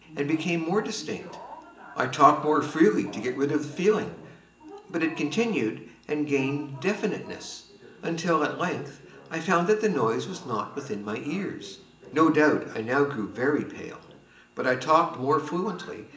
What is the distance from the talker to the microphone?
1.8 m.